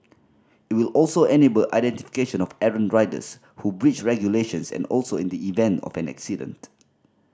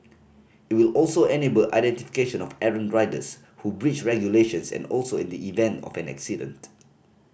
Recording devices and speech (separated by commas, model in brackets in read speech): standing microphone (AKG C214), boundary microphone (BM630), read sentence